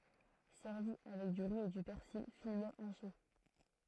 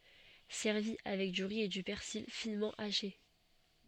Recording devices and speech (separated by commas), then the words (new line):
throat microphone, soft in-ear microphone, read sentence
Servi avec du riz et du persil finement haché.